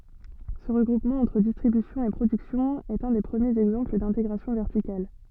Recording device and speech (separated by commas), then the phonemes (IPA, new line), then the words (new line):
soft in-ear microphone, read sentence
sə ʁəɡʁupmɑ̃ ɑ̃tʁ distʁibysjɔ̃ e pʁodyksjɔ̃ ɛt œ̃ de pʁəmjez ɛɡzɑ̃pl dɛ̃teɡʁasjɔ̃ vɛʁtikal
Ce regroupement entre distribution et production est un des premiers exemples d'intégration verticale.